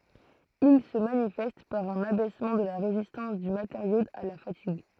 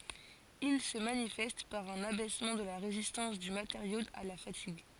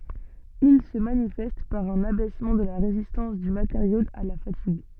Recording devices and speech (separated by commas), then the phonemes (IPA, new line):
throat microphone, forehead accelerometer, soft in-ear microphone, read sentence
il sə manifɛst paʁ œ̃n abɛsmɑ̃ də la ʁezistɑ̃s dy mateʁjo a la fatiɡ